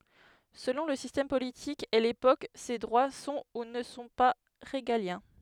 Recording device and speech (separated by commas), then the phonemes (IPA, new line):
headset microphone, read sentence
səlɔ̃ lə sistɛm politik e lepok se dʁwa sɔ̃ u nə sɔ̃ pa ʁeɡaljɛ̃